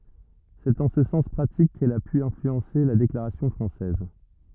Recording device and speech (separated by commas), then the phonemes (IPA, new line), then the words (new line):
rigid in-ear microphone, read sentence
sɛt ɑ̃ sə sɑ̃s pʁatik kɛl a py ɛ̃flyɑ̃se la deklaʁasjɔ̃ fʁɑ̃sɛz
C'est en ce sens pratique qu’elle a pu influencer la déclaration française.